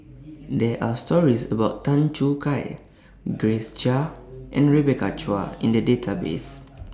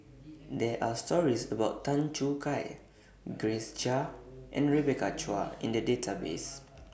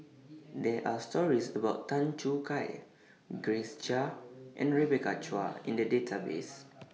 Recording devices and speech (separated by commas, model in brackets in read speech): standing microphone (AKG C214), boundary microphone (BM630), mobile phone (iPhone 6), read sentence